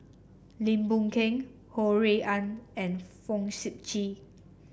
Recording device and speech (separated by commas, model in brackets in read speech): boundary microphone (BM630), read sentence